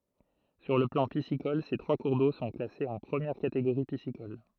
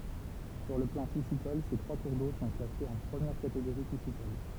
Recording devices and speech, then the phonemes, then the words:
throat microphone, temple vibration pickup, read sentence
syʁ lə plɑ̃ pisikɔl se tʁwa kuʁ do sɔ̃ klasez ɑ̃ pʁəmjɛʁ kateɡoʁi pisikɔl
Sur le plan piscicole, ces trois cours d'eau sont classés en première catégorie piscicole.

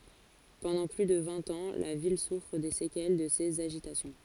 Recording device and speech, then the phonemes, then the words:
forehead accelerometer, read sentence
pɑ̃dɑ̃ ply də vɛ̃t ɑ̃ la vil sufʁ de sekɛl də sez aʒitasjɔ̃
Pendant plus de vingt ans, la ville souffre des séquelles de ces agitations.

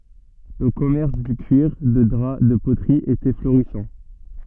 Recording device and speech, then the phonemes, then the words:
soft in-ear microphone, read sentence
lə kɔmɛʁs dy kyiʁ də dʁa də potʁi etɛ floʁisɑ̃
Le commerce du cuir, de drap, de poterie était florissant.

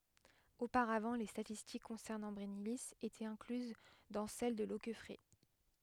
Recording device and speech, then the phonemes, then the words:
headset microphone, read sentence
opaʁavɑ̃ le statistik kɔ̃sɛʁnɑ̃ bʁɛnili etɛt ɛ̃klyz dɑ̃ sɛl də lokɛfʁɛ
Auparavant les statistiques concernant Brennilis étaient incluses dans celles de Loqueffret.

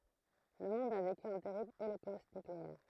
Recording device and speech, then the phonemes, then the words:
throat microphone, read sentence
lə mɔ̃d a veky œ̃ tɛʁibl olokost nykleɛʁ
Le monde a vécu un terrible holocauste nucléaire.

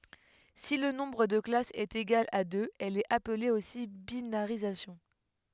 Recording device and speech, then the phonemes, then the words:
headset microphone, read sentence
si lə nɔ̃bʁ də klasz ɛt eɡal a døz ɛl ɛt aple osi binaʁizasjɔ̃
Si le nombre de classes est égal à deux, elle est appelée aussi binarisation.

